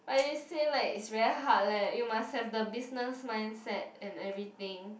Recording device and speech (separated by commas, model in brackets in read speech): boundary microphone, conversation in the same room